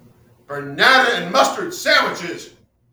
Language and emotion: English, disgusted